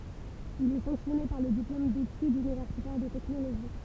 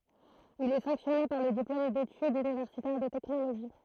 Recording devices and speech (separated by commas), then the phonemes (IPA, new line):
temple vibration pickup, throat microphone, read sentence
il ɛ sɑ̃ksjɔne paʁ lə diplom detydz ynivɛʁsitɛʁ də tɛknoloʒi